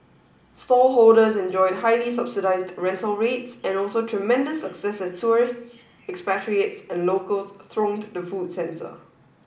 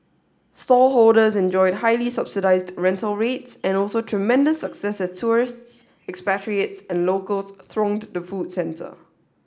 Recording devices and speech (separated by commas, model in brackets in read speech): boundary microphone (BM630), standing microphone (AKG C214), read sentence